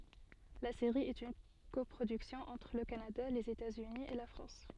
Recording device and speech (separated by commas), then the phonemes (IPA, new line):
soft in-ear microphone, read sentence
la seʁi ɛt yn kɔpʁodyksjɔ̃ ɑ̃tʁ lə kanada lez etatsyni e la fʁɑ̃s